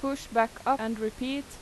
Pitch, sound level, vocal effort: 255 Hz, 87 dB SPL, loud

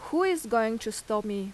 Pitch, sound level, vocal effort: 220 Hz, 86 dB SPL, loud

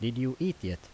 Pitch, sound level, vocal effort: 120 Hz, 82 dB SPL, normal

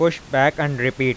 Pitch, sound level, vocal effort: 140 Hz, 93 dB SPL, loud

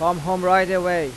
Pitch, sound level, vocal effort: 180 Hz, 96 dB SPL, loud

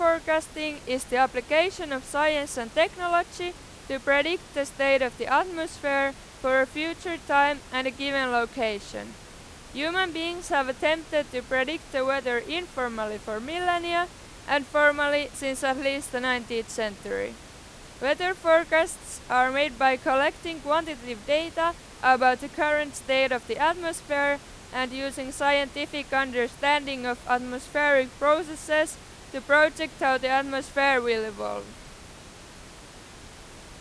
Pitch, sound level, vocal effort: 280 Hz, 97 dB SPL, very loud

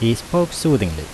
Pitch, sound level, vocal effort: 120 Hz, 82 dB SPL, normal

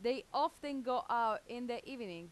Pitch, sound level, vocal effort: 245 Hz, 92 dB SPL, loud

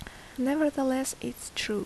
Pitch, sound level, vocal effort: 265 Hz, 73 dB SPL, soft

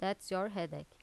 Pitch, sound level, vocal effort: 190 Hz, 83 dB SPL, normal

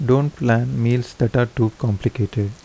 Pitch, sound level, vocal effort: 120 Hz, 78 dB SPL, soft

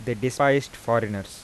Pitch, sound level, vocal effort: 120 Hz, 88 dB SPL, soft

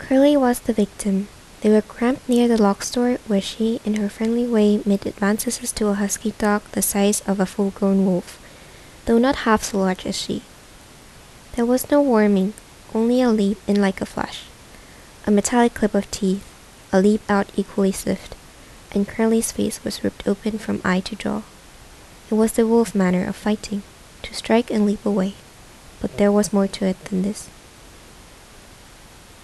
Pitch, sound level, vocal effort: 205 Hz, 75 dB SPL, soft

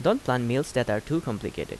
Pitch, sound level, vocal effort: 125 Hz, 84 dB SPL, normal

